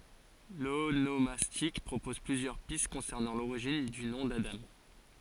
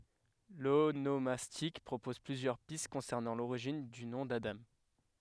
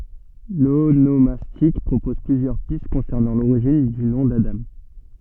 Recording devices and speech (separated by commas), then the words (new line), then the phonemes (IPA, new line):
forehead accelerometer, headset microphone, soft in-ear microphone, read sentence
L'onomastique propose plusieurs pistes concernant l'origine du nom d'Adam.
lonomastik pʁopɔz plyzjœʁ pist kɔ̃sɛʁnɑ̃ loʁiʒin dy nɔ̃ dadɑ̃